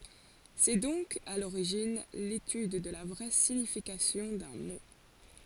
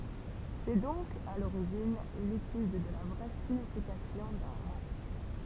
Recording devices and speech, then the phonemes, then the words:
forehead accelerometer, temple vibration pickup, read sentence
sɛ dɔ̃k a loʁiʒin letyd də la vʁɛ siɲifikasjɔ̃ dœ̃ mo
C'est donc, à l'origine, l'étude de la vraie signification d'un mot.

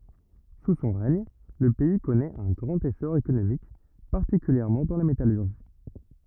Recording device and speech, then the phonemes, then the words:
rigid in-ear microphone, read sentence
su sɔ̃ ʁɛɲ lə pɛi kɔnɛt œ̃ ɡʁɑ̃t esɔʁ ekonomik paʁtikyljɛʁmɑ̃ dɑ̃ la metalyʁʒi
Sous son règne, le pays connaît un grand essor économique, particulièrement dans la métallurgie.

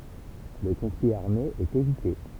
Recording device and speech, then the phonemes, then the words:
temple vibration pickup, read sentence
lə kɔ̃fli aʁme ɛt evite
Le conflit armé est évité.

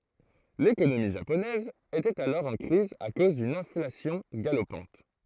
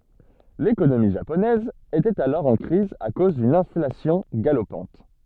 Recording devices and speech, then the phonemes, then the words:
throat microphone, soft in-ear microphone, read sentence
lekonomi ʒaponɛz etɛt alɔʁ ɑ̃ kʁiz a koz dyn ɛ̃flasjɔ̃ ɡalopɑ̃t
L'économie japonaise était alors en crise à cause d'une inflation galopante.

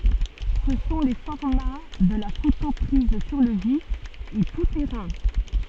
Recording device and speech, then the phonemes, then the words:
soft in-ear microphone, read sentence
sə sɔ̃ le fɔʁma də la foto pʁiz syʁ lə vif e tu tɛʁɛ̃
Ce sont les formats de la photo prise sur le vif et tout-terrain.

